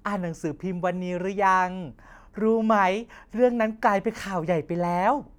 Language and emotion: Thai, happy